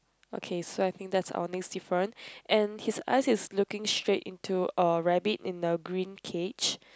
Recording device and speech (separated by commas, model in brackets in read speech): close-talking microphone, conversation in the same room